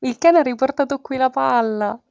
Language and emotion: Italian, happy